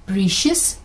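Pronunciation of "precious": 'Precious' is pronounced incorrectly here.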